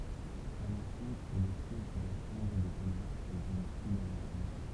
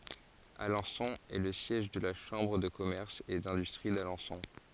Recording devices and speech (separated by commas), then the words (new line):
temple vibration pickup, forehead accelerometer, read sentence
Alençon est le siège de la chambre de commerce et d'industrie d'Alençon.